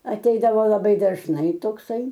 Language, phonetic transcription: Lithuanian, aˈteidavo laˈbai dažˈnai tokˈsai

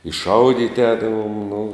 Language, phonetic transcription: Lithuanian, i ˈšaudyti ˈēdavom nu

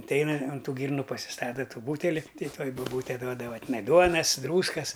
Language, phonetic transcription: Lithuanian, atˈeina un ˈtų ˈgyrnu pasiˈstata ˈtų ˈbūteli ˈtai ˈtuoj buˈbūte ˈduodava tiˈnai ˈduonas ˈdrūskas

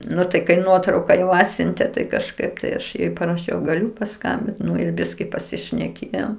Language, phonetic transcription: Lithuanian, ˈnu tai kai ˈnuotrauka ˈatsiuntė tai kažˈkaip tai ˈaš paraˈšiau gaˈliu paˈskambint ir ˈbiski pasišneˈkėjom

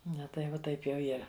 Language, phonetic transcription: Lithuanian, ˈna tai ˈva ˈtaip jau ˈyra

